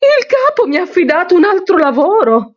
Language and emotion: Italian, surprised